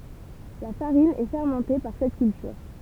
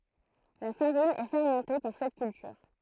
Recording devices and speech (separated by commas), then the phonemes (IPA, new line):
temple vibration pickup, throat microphone, read sentence
la faʁin ɛ fɛʁmɑ̃te paʁ sɛt kyltyʁ